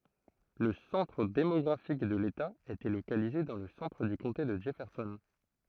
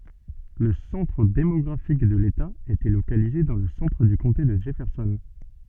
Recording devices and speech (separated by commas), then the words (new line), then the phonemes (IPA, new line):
throat microphone, soft in-ear microphone, read sentence
Le centre démographique de l'État était localisé dans le centre du comté de Jefferson.
lə sɑ̃tʁ demɔɡʁafik də leta etɛ lokalize dɑ̃ lə sɑ̃tʁ dy kɔ̃te də dʒɛfɛʁsɔn